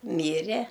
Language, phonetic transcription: Lithuanian, ˈmyre

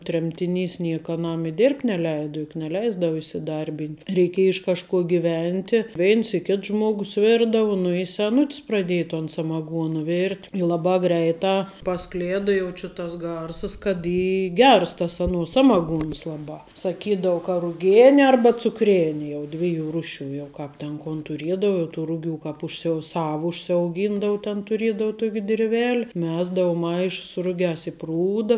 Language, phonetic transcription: Lithuanian, ˈtremtiˌnys ˈnieka aˈnam i ˈdėrbt' neˈleida juk neˈleisdava isiˈdarˌbynt' reiˈkiej iš kažˈkuo giˈventi ˈveins i ˈkits ˈžmuogus ˈvirdava ˈnu i seˈnuts praˈdėji ton samaˈguona ˈvėrt' i ˈlabā ˈgreitā paˈsklėda jau či ˈtas ˈgarsəs kad ˈy ˈgers tas aˈnuo ˈsamaˌguons ˈlaˌbā saˈkydau ka ruˈgėne ˈarba cukˈrėne jau ˈdviˌjų ˈruˌšių jau ˈkāp ten kon tuˈriedau tų ˈruˌgių ˈkāp užsiˈau ˈsau užsiauˈgyndau ten tuˈriedau ˈtuok' dirˈvel' ˈmesdau ˈmaišs su ˈrugiās i ˈprūda

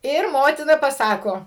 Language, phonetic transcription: Lithuanian, ˈir ˈmotina paˈsako

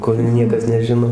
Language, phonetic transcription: Lithuanian, ˈkur ˈniekas neˈžino

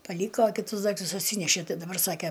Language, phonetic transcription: Lithuanian, paˈlyko kiˈtus ˈdaiktus atˈsynešė ˈtai daˈbar ˈsake

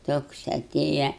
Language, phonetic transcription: Lithuanian, ˈtoks aˈtėja

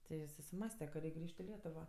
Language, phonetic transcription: Lithuanian, ˈti i susiˈmąste ka ˈreik' ˈgrįž't' i ˈlietuvo

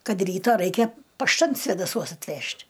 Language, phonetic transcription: Lithuanian, ˈkad ˈryta ˈraikia pašˈtan svėdaˈsuos atˈvežt'

